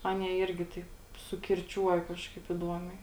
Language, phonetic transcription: Lithuanian, ˈanie ˈirgi ˈtaip sukirˈčiuoja ˈkažkaip iˈduomiai

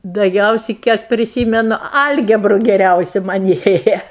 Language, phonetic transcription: Lithuanian, daˈgiausi kiek priˈsymenu ˈalgebru geˈriausi man' ˈėja

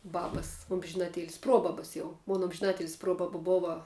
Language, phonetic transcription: Lithuanian, ˈbabas omžiˈnaˌtėlis ˈprobaba jau mon omžiˈnatėlis ˈprobaba ˈbova

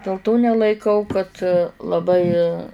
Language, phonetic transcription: Lithuanian, dėl ˈto nelaiˈkau kad laˈbai

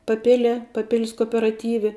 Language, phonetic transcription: Lithuanian, paˈpilie paˈpil's kooperaˈtyve

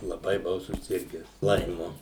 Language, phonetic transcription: Lithuanian, laˈbai buˈvau suˈsirgęs ˈlaimu

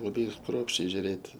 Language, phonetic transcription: Lithuanian, laˈbai ˈkruopščiai žiuˈrėt'

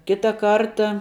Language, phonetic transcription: Lithuanian, ˈkita ˈkarta

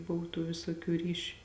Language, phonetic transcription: Lithuanian, ˈbuv tų ˈvėsoˌkių ˈryšiu

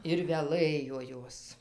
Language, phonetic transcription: Lithuanian, ir veˈlɘjo ˈjos

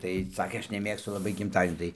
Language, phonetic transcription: Lithuanian, tai ˈsakė ˈaš neˈmėgstu laˈbai gimˈtadienių tai

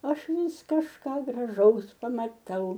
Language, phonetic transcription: Lithuanian, ˈaš ˈvis kažˈką graˈžaus pamaˈtau

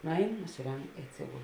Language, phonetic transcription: Lithuanian, ˈnuˌein nusiˈreng i atˈsigul

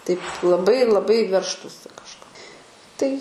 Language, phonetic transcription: Lithuanian, taip laˈbai laˈbai ˈveržtųsi kažˈko tai

